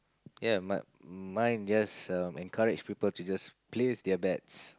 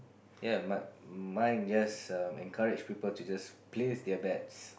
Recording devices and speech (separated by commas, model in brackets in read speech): close-talking microphone, boundary microphone, conversation in the same room